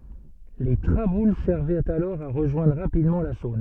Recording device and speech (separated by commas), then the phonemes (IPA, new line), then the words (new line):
soft in-ear microphone, read sentence
le tʁabul sɛʁvɛt alɔʁ a ʁəʒwɛ̃dʁ ʁapidmɑ̃ la sɔ̃n
Les traboules servaient alors à rejoindre rapidement la Saône.